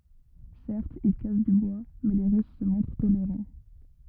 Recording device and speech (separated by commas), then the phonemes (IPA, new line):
rigid in-ear microphone, read sentence
sɛʁtz il kas dy bwa mɛ le ʁys sə mɔ̃tʁ toleʁɑ̃